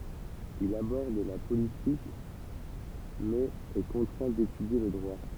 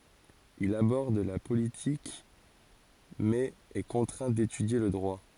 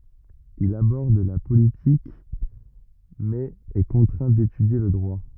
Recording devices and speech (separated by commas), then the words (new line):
temple vibration pickup, forehead accelerometer, rigid in-ear microphone, read sentence
Il aborde la politique mais est contraint d'étudier le droit.